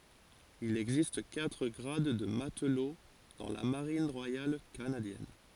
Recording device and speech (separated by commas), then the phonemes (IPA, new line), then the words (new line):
forehead accelerometer, read sentence
il ɛɡzist katʁ ɡʁad də matlo dɑ̃ la maʁin ʁwajal kanadjɛn
Il existe quatre grades de matelot dans la Marine royale canadienne.